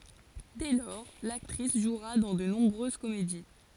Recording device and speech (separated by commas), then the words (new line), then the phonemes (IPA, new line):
forehead accelerometer, read sentence
Dès lors, l'actrice jouera dans de nombreuses comédies.
dɛ lɔʁ laktʁis ʒwʁa dɑ̃ də nɔ̃bʁøz komedi